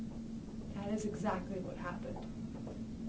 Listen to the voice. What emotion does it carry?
neutral